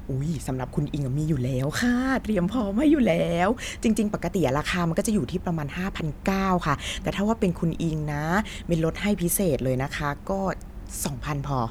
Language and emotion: Thai, happy